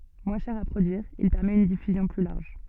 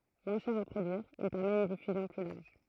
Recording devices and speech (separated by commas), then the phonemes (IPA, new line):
soft in-ear microphone, throat microphone, read sentence
mwɛ̃ ʃɛʁ a pʁodyiʁ il pɛʁmɛt yn difyzjɔ̃ ply laʁʒ